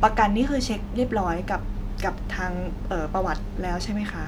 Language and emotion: Thai, neutral